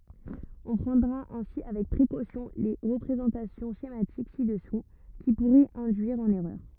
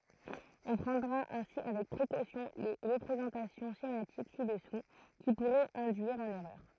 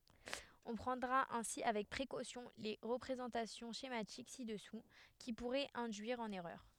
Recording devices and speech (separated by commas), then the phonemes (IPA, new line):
rigid in-ear microphone, throat microphone, headset microphone, read sentence
ɔ̃ pʁɑ̃dʁa ɛ̃si avɛk pʁekosjɔ̃ le ʁəpʁezɑ̃tasjɔ̃ ʃematik si dəsu ki puʁɛt ɛ̃dyiʁ ɑ̃n ɛʁœʁ